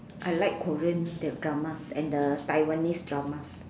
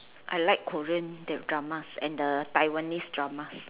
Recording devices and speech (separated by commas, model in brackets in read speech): standing microphone, telephone, conversation in separate rooms